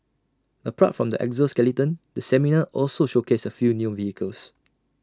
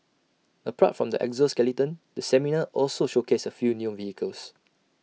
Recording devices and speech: standing microphone (AKG C214), mobile phone (iPhone 6), read sentence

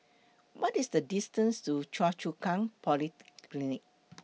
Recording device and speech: mobile phone (iPhone 6), read sentence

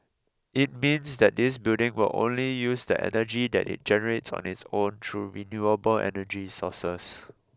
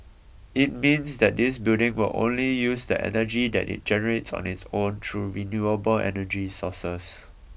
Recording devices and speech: close-talking microphone (WH20), boundary microphone (BM630), read sentence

